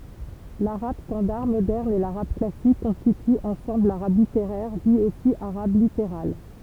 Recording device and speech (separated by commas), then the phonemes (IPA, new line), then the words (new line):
temple vibration pickup, read sentence
laʁab stɑ̃daʁ modɛʁn e laʁab klasik kɔ̃stityt ɑ̃sɑ̃bl laʁab liteʁɛʁ di osi aʁab liteʁal
L'arabe standard moderne et l'arabe classique constituent ensemble l'arabe littéraire, dit aussi arabe littéral.